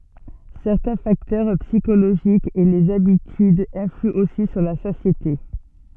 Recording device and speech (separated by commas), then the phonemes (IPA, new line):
soft in-ear microphone, read sentence
sɛʁtɛ̃ faktœʁ psikoloʒikz e lez abitydz ɛ̃flyɑ̃ osi syʁ la satjete